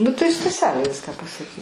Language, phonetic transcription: Lithuanian, nu tai staˈselė ˈviską pasaˈki

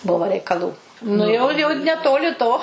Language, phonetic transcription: Lithuanian, ˈbuvo reikaˈlų nu jau ˈjau neˈtoli to

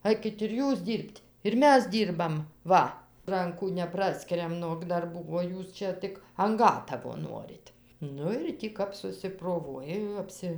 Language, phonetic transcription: Lithuanian, ˈaikit ir ˈjūs ˈdyr'b't' ir ˈmes ˈdyrbam ˈva ˈrankų neˈpraskiriam nog darˈbų o ˈjūs čia ˈtik an ˈgatavo ˈnorit ˈnu ir ˈtį kap susiproˈvuoja jau ˈapsi

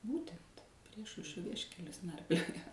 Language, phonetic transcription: Lithuanian, ˈbūtent ˈpriešaušrio ˈvieškelius ˈnarpliojo

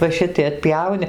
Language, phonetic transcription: Lithuanian, va ˈšitai atˈpjauni

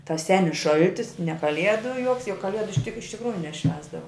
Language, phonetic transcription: Lithuanian, tas ˈsenis ˈšaltis ne ˈkaliedu joks juk kaˈliedu tik iš tikˈrųju neˈšvęsdavo

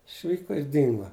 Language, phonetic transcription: Lithuanian, išˈvyko ir ˈdingo

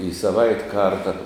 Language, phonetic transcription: Lithuanian, i saˈvait' ˈkarta

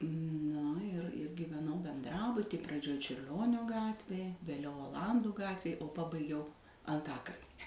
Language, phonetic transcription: Lithuanian, ˈnu ir ir gyveˈnau benˈdrabuty praˈdžioj čiurˈlionio ˈgatvėj vėˈliau oˈlandų ˈgatvėj o ˈpabaigiau anˈtakalni

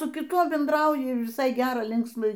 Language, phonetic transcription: Lithuanian, su kiˈtuo bendˈrauji viˈsai ˈgera ˈlinksma

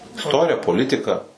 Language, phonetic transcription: Lithuanian, isˈtorija poˈlitika

